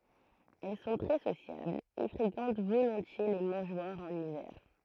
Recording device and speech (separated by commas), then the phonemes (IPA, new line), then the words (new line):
throat microphone, read sentence
ɛl sɔ̃ tʁɛ sosjablz e fʁekɑ̃t volɔ̃tje le mɑ̃ʒwaʁz ɑ̃n ivɛʁ
Elles sont très sociables et fréquentent volontiers les mangeoires en hiver.